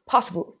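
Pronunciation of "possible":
'Possible' is said with an American pronunciation.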